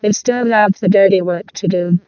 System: VC, vocoder